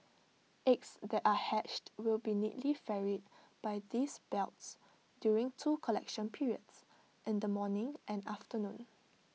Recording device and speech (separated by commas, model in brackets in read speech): mobile phone (iPhone 6), read sentence